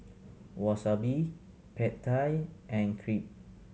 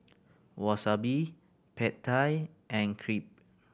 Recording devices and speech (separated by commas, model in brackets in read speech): mobile phone (Samsung C7100), boundary microphone (BM630), read sentence